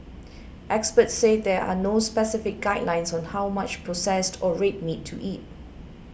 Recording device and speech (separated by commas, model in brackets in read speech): boundary microphone (BM630), read sentence